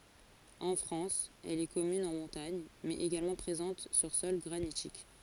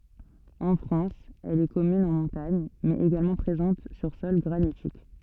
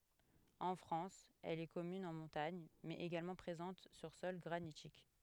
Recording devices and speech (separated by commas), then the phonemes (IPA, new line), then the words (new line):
forehead accelerometer, soft in-ear microphone, headset microphone, read sentence
ɑ̃ fʁɑ̃s ɛl ɛ kɔmyn ɑ̃ mɔ̃taɲ mɛz eɡalmɑ̃ pʁezɑ̃t syʁ sɔl ɡʁanitik
En France, elle est commune en montagne, mais également présente sur sol granitique.